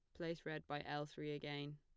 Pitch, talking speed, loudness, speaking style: 145 Hz, 230 wpm, -47 LUFS, plain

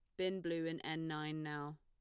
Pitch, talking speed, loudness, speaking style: 155 Hz, 225 wpm, -42 LUFS, plain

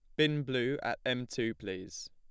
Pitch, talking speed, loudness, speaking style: 125 Hz, 190 wpm, -34 LUFS, plain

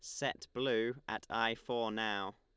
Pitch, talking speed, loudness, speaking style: 115 Hz, 165 wpm, -37 LUFS, Lombard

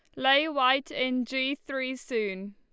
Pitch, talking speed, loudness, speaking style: 260 Hz, 155 wpm, -27 LUFS, Lombard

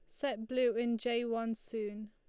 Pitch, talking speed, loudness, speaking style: 230 Hz, 190 wpm, -35 LUFS, Lombard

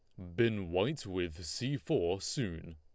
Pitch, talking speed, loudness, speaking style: 95 Hz, 150 wpm, -35 LUFS, Lombard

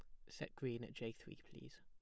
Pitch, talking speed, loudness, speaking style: 120 Hz, 235 wpm, -50 LUFS, plain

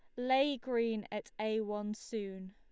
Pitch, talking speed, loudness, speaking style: 220 Hz, 155 wpm, -36 LUFS, Lombard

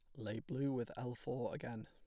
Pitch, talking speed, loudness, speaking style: 125 Hz, 215 wpm, -43 LUFS, plain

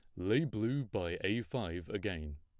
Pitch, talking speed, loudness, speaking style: 105 Hz, 165 wpm, -36 LUFS, plain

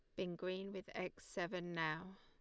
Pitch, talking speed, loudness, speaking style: 180 Hz, 180 wpm, -45 LUFS, Lombard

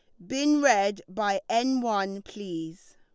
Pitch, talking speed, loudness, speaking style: 200 Hz, 135 wpm, -27 LUFS, Lombard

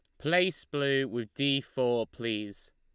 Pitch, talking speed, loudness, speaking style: 135 Hz, 140 wpm, -30 LUFS, Lombard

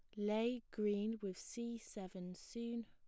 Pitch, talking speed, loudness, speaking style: 215 Hz, 135 wpm, -43 LUFS, plain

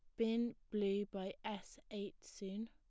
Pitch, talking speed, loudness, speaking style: 210 Hz, 145 wpm, -43 LUFS, plain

